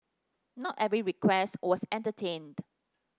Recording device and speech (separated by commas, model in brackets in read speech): standing microphone (AKG C214), read sentence